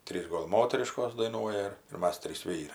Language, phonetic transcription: Lithuanian, ˈtrys ˈgol ˈmoteriškos daiˈnuoja ir ir ˈmas ˈtrys ˈvyrai

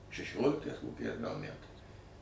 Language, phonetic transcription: Lithuanian, šeˈšioliktais koˈkiais gal ˈmætais

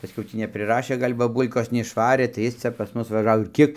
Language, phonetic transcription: Lithuanian, pasˈkiau ˈtį nepriˈrašė ˈgal' baˈbūlkos neišˈvarė tai ˈjis ˈcia pas ˈmus vaˈžavo ir ˈkiek

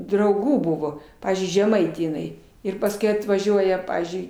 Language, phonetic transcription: Lithuanian, drauˈgų ˈbuvo ˈpavyzdžiui žeˈmaitė jiˈnai ir pasˈkui atvaˈžiuoja ˈpavyzdžiui

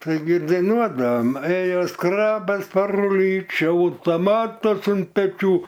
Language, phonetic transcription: Lithuanian, taiˈgi daiˈnuodavam ˈėjo ˈskrabas per uˈlyčiu ūtoˈmatas un peˈčių

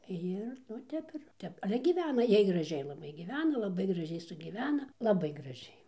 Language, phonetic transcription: Lithuanian, ˈjir nu ˈtep ir ˈtep ale gyˈvena ˈjiej graˈžiai laˈbai gyˈvena laˈbai graˈžiai sugyˈvena laˈbai graˈžiai

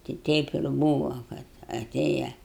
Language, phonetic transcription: Lithuanian, ti ˈteip ir ˈbūva kad aˈtėja

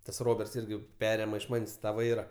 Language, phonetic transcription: Lithuanian, tas ˈroberts ˈirgi ˈperėma iš ˈman's' ta ˈvaira

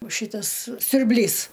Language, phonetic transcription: Lithuanian, o ˈšytas siurˈblys

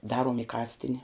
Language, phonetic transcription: Lithuanian, ˈdaruom i ˈkastini

